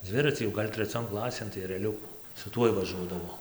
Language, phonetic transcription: Lithuanian, ˈdzviracį jau ˈgal' treˈcion ˈklasėn tai ereˈliuku su ˈtuoj vaˈžuodavau

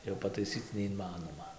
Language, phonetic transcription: Lithuanian, jau pataiˈsyc neinˈmanoma

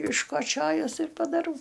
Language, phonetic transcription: Lithuanian, iškoˈčiojus ir padaˈrau

